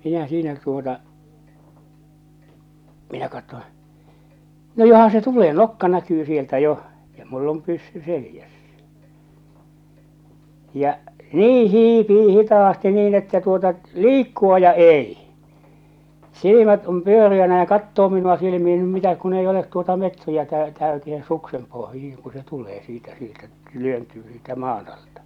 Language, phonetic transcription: Finnish, 'minä siinä tuota , 'minä 'kattoo̰ , no "johan̬ se 'tulee "nokka 'näkyy 'sieltä 'joh , ja mull ‿om pyssy 'selⁱjässᴀ̈ , ja , 'nii 'hiipii 'hitaasti niin että tuota , "liikku₍a ja "ei , "silimät om "pyöri₍änä ja 'kattoo 'minu₍a 'silimihɪ no mitäk kun ei olet tuota 'metriäkää 'täytihe 'suksem pohjihiŋ ku se 'tulee siitä sieltä "työntyy siitä 'maan ‿altᴀ .
- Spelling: minä siinä tuota minä katson no johan se tulee nokka näkyy sieltä jo ja minulla on pyssy selässä ja niin hiipii hitaasti niin että tuota liikkua ja ei silmät on pyöreänä ja katsoo minua silmiin no mitä kun ei ole tuota metriäkään täyteen suksen pohjiin kun se tulee siitä sieltä työntyy siitä maan alta

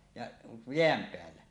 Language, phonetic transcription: Finnish, ja , 'jeäm peällä .
- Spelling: ja jään päällä

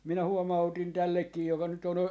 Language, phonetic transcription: Finnish, minä 'huoma₍utin 'tällekkii joka nyt ‿on ,.
- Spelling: minä huomautin tällekin joka nyt on

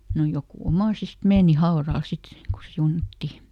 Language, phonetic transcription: Finnish, no "jokù ˈomàsist "meeni ˈhaoral sit , ku ˈsiunatti .
- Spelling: no joku omaisista meni haudalle sitten kun siunattiin

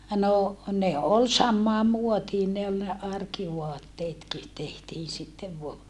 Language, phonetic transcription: Finnish, no , ne ol sammaam muotiin ne ol ne arkivoatteetki , tehtiin̬ sittev voa .
- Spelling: no ne oli samaan muotiin ne oli ne arkivaatteetkin tehtiin sitten vain

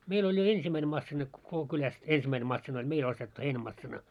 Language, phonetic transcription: Finnish, 'meil ‿oĺ jo "ensimmäine massina ko- koko 'kyläst 'ensimmäine 'massina oĺ 'meil ‿ostettu 'heinä'massina .
- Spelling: meillä oli jo ensimmäinen masiina - koko kylästä ensimmäinen masiina oli meillä ostettu heinämasiina

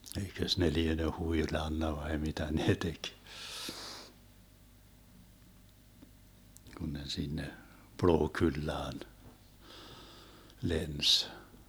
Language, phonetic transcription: Finnish, 'eikös ne 'liene 'huilanna 'vai 'mitä nee 'tek , Gun ne 'sinne , "Plookyllaan , 'lens .
- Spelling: eikös ne liene huilannut vai mitä ne teki kun ne sinne Plookullaan lensi

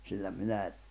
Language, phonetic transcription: Finnish, sillä 'minäi̬ ,.
- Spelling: sillä minäkin

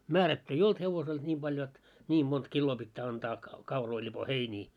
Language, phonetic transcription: Finnish, 'määrätty ei "olt hevosel et ńiim ʙal 'jot , 'ńiim mont 'killoo pittää antaa , 'kauroi ĺipo "heinii .
- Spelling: määrätty ei ollut hevosella että niin paljon jotta niin monta kiloa pitää antaa kauroja lipoa heiniä

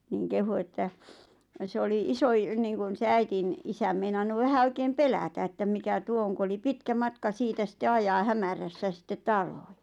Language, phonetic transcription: Finnish, nìŋ 'kehu että , se 'oli 'iso₍i- niiŋkun 'se "äitin , "isäm meinannu 'vähä "oikeem "pelätä ettäm 'mikä "tuo oŋ ku oli "pitkä "matka 'siitä sitte 'ajaa "hämärässä sittet "talᴏɪ .
- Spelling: niin kehui että se oli - niin kuin se äidin isä meinannut vähän oikein pelätä että mikä tuo on kun oli pitkä matka siitä sitten ajaa hämärässä sitten taloihin

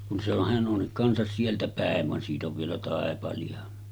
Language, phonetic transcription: Finnish, kun se ‿on , 'hän ’on 'kansas sieltä "pä̀ev van siit ‿ov vielä 'tàepali₍a .
- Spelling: kun se on hän on kanssa sieltä päin vaan siitä on vielä taipaleita

